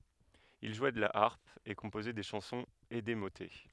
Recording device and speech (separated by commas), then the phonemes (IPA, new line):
headset microphone, read sentence
il ʒwɛ də la aʁp e kɔ̃pozɛ de ʃɑ̃sɔ̃z e de motɛ